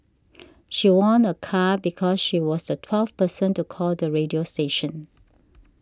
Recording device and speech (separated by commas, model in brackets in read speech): standing microphone (AKG C214), read sentence